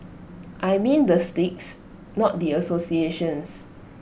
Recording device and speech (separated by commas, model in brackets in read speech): boundary microphone (BM630), read sentence